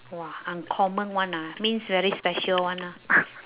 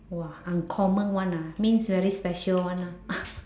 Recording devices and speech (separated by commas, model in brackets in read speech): telephone, standing microphone, conversation in separate rooms